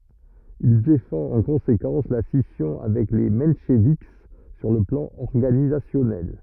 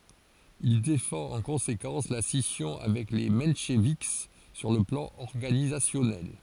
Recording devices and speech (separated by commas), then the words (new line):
rigid in-ear microphone, forehead accelerometer, read sentence
Il défend en conséquence la scission avec les mencheviks sur le plan organisationnel.